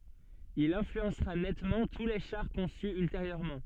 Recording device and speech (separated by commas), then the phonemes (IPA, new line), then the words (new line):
soft in-ear microphone, read sentence
il ɛ̃flyɑ̃sʁa nɛtmɑ̃ tu le ʃaʁ kɔ̃sy ylteʁjøʁmɑ̃
Il influencera nettement tous les chars conçus ultérieurement.